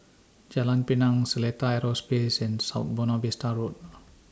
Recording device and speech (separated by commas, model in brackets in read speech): standing microphone (AKG C214), read sentence